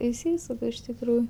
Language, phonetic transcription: Lithuanian, išˈsysuk iš tikˈrųj

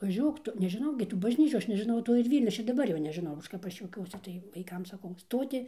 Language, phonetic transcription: Lithuanian, vaˈžiuok ˈtu nežiˈnau gi tų bažˈnyčių ˈaš nežiˈnau ˈto ir ˈvylnio ˈaš ir daˈbar ˈjo nežiˈnau ˈaš kap ˈaš juoˈkiuosi tai vaiˈkam saˈkau ˈstoti

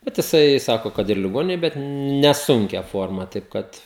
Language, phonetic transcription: Lithuanian, ˈbet jiˈsai ˈsako ˈkad ir liˈgoninėj ˈbet neˈsunkia ˈforma taip ˈkad

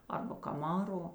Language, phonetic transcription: Lithuanian, ˈarba kaˈmaro

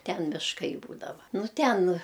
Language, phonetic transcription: Lithuanian, ˈten mišˈkai ˈbūdava ˈnu ˈten

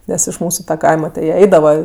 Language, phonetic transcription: Lithuanian, ˈnes iš ˈmūsu ta ˈkaima ti jie ˈaidava

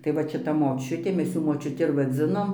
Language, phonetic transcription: Lithuanian, tai ˈvat šiˈta moˈčiutė ˈmes ˈjų močiuˈti ir vaˈdzinom

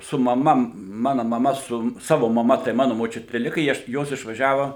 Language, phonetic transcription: Lithuanian, su maˈma ˈmana maˈma su ˈsavo maˈma tai ˈmanu moˈčiuti ˈlika i ˈaš ˈjos išvaˈžiava

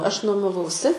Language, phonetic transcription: Lithuanian, ˈaš nuomaˈvausi

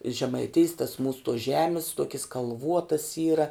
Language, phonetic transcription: Lithuanian, žemaiˈtėjs tas mūs tuos ˈžemis ˈtuokis kalˈvuotas ˈyra

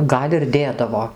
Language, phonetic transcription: Lithuanian, ˈgal' ir ˈdėdavo

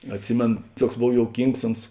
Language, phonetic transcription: Lithuanian, atˈsimėno ˈtuoks ˈbov jouˈkyngs ˈuns

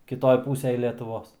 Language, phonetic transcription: Lithuanian, kiˈtoj ˈpūsej lietuˈvos

